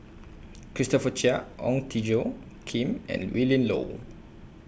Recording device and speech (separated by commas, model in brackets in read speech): boundary microphone (BM630), read sentence